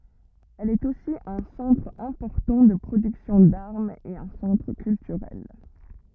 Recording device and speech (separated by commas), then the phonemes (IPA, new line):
rigid in-ear microphone, read sentence
ɛl ɛt osi œ̃ sɑ̃tʁ ɛ̃pɔʁtɑ̃ də pʁodyksjɔ̃ daʁmz e œ̃ sɑ̃tʁ kyltyʁɛl